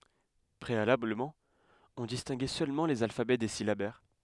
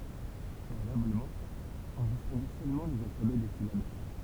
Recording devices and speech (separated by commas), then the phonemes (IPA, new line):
headset microphone, temple vibration pickup, read sentence
pʁealabləmɑ̃ ɔ̃ distɛ̃ɡɛ sølmɑ̃ lez alfabɛ de silabɛʁ